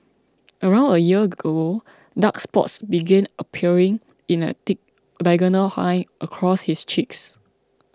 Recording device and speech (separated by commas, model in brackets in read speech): close-talking microphone (WH20), read sentence